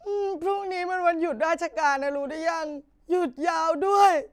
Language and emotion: Thai, sad